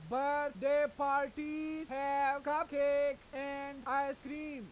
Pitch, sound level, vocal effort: 280 Hz, 102 dB SPL, very loud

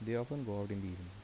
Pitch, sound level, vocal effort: 100 Hz, 77 dB SPL, soft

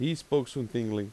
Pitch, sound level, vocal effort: 130 Hz, 87 dB SPL, loud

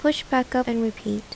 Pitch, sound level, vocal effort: 240 Hz, 77 dB SPL, soft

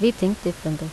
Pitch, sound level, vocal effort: 175 Hz, 80 dB SPL, normal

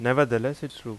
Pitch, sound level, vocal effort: 130 Hz, 87 dB SPL, normal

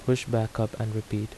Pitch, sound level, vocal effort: 110 Hz, 78 dB SPL, soft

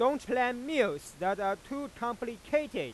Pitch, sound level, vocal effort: 245 Hz, 100 dB SPL, very loud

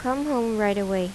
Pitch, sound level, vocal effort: 215 Hz, 84 dB SPL, normal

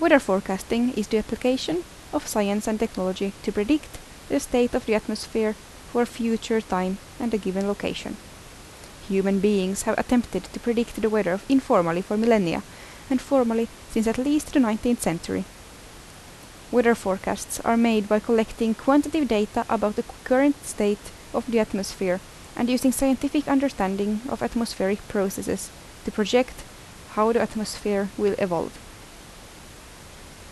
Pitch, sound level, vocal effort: 225 Hz, 79 dB SPL, normal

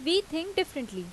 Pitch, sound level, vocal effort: 320 Hz, 86 dB SPL, very loud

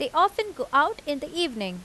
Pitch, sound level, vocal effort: 325 Hz, 89 dB SPL, loud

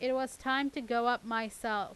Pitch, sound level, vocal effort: 245 Hz, 91 dB SPL, loud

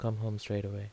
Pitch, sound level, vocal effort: 105 Hz, 77 dB SPL, soft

